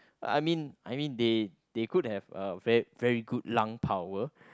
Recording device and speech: close-talking microphone, conversation in the same room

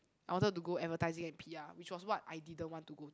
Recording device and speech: close-talking microphone, conversation in the same room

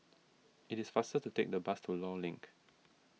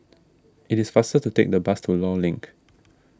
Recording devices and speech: mobile phone (iPhone 6), standing microphone (AKG C214), read sentence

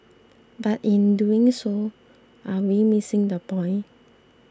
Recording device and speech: standing microphone (AKG C214), read sentence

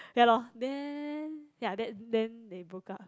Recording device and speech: close-talking microphone, conversation in the same room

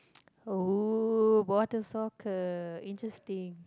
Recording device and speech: close-talking microphone, conversation in the same room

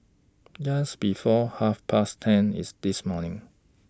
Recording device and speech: standing microphone (AKG C214), read sentence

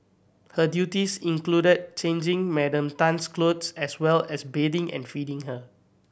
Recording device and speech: boundary microphone (BM630), read sentence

